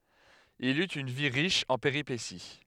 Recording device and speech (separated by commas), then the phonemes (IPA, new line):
headset microphone, read sentence
il yt yn vi ʁiʃ ɑ̃ peʁipesi